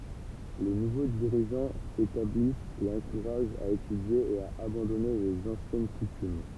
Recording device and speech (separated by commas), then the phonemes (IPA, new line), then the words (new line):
temple vibration pickup, read sentence
le nuvo diʁiʒɑ̃z etablist e ɑ̃kuʁaʒt a etydje e a abɑ̃dɔne lez ɑ̃sjɛn kutym
Les nouveaux dirigeants établissent et encouragent à étudier et à abandonner les anciennes coutumes.